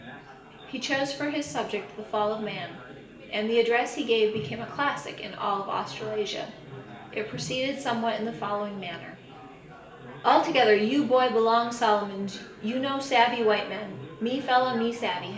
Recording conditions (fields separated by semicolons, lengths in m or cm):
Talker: one person; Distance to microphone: 1.8 m; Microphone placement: close; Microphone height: 1.0 m; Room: large; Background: babble